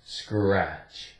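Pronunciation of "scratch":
In 'scratch', the c is a k sound that is barely heard, but it is still there between the s and the r.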